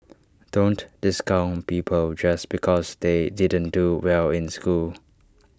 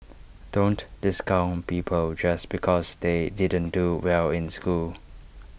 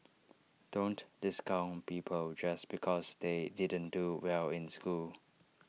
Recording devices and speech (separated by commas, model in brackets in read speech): standing microphone (AKG C214), boundary microphone (BM630), mobile phone (iPhone 6), read sentence